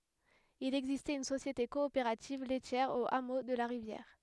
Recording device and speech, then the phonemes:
headset microphone, read sentence
il ɛɡzistɛt yn sosjete kɔopeʁativ lɛtjɛʁ o amo də la ʁivjɛʁ

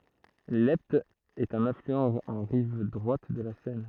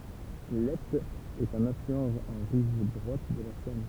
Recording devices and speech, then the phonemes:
throat microphone, temple vibration pickup, read sentence
lɛpt ɛt œ̃n aflyɑ̃ ɑ̃ ʁiv dʁwat də la sɛn

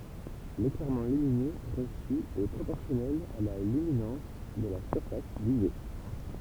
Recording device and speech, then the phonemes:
temple vibration pickup, read sentence
leklɛʁmɑ̃ lyminø ʁəsy ɛ pʁopɔʁsjɔnɛl a la lyminɑ̃s də la syʁfas vize

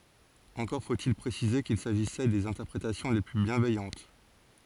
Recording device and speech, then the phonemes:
forehead accelerometer, read sentence
ɑ̃kɔʁ fotil pʁesize kil saʒisɛ dez ɛ̃tɛʁpʁetasjɔ̃ le ply bjɛ̃vɛjɑ̃t

